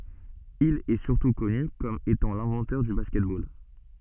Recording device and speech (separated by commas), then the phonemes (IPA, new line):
soft in-ear microphone, read sentence
il ɛə syʁtu kɔny kɔm etɑ̃ lɛ̃vɑ̃tœʁ dy baskɛt bol